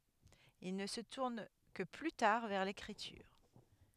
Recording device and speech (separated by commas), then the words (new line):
headset microphone, read sentence
Il ne se tourne que plus tard vers l'écriture.